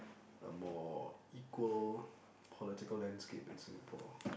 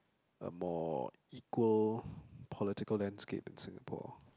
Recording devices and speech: boundary microphone, close-talking microphone, conversation in the same room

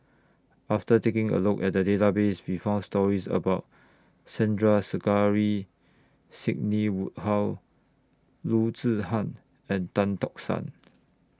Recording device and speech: standing microphone (AKG C214), read sentence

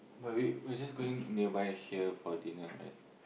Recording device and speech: boundary microphone, conversation in the same room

